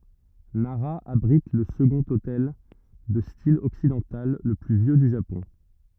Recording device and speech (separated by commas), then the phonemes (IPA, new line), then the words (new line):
rigid in-ear microphone, read sentence
naʁa abʁit lə səɡɔ̃t otɛl də stil ɔksidɑ̃tal lə ply vjø dy ʒapɔ̃
Nara abrite le second hôtel de style occidental le plus vieux du Japon.